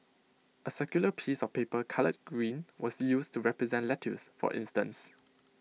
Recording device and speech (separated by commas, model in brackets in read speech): mobile phone (iPhone 6), read sentence